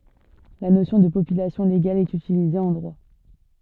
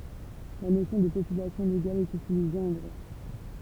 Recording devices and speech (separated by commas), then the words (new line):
soft in-ear microphone, temple vibration pickup, read sentence
La notion de population légale est utilisée en droit.